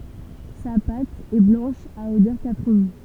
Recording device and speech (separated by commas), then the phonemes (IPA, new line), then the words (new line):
temple vibration pickup, read sentence
sa pat ɛ blɑ̃ʃ a odœʁ kapʁin
Sa pâte est blanche à odeur caprine.